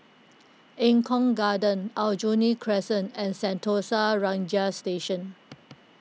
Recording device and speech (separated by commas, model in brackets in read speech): mobile phone (iPhone 6), read sentence